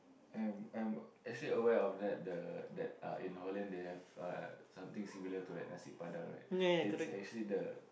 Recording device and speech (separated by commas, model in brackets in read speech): boundary microphone, conversation in the same room